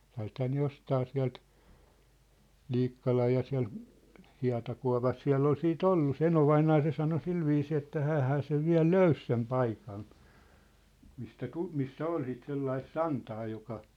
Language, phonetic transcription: Finnish, 'siä̭lthää ne 'jostaa siä̭lt , 'ʟiikkalaj ja siä̭l , 'hia̭takua̭pas "siä̭ll ‿ol 'sii"t ‿ollu se "enovainaa se sano "silviisii että "häähää sev 'viä̭l "löys sem 'paikan , mistä 'tu- , missä 'ol sit 'sellais "santaa joka ,.
- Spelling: sieltähän ne jostakin sieltä Liikkalan ja siellä hietakuopassa siellä oli sitten ollut se enovainaja se sanoi sillä viisiin että hänhän sen vielä löysi sen paikan mistä - missä oli sitten sellaista santaa joka

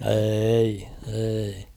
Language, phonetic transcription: Finnish, 'êi , eei .
- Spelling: ei ei

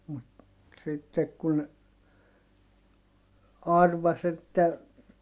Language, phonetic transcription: Finnish, mut , sittek kun , arvas ‿että , .
- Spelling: mutta sitten kun arvaisi että

